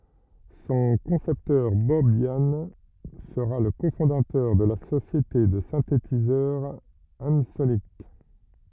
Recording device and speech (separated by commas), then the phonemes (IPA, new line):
rigid in-ear microphone, read sentence
sɔ̃ kɔ̃sɛptœʁ bɔb jan səʁa lə kofɔ̃datœʁ də la sosjete də sɛ̃tetizœʁ ɑ̃sonik